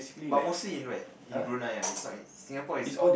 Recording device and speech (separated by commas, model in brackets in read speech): boundary microphone, conversation in the same room